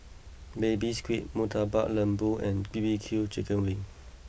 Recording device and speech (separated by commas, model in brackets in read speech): boundary microphone (BM630), read sentence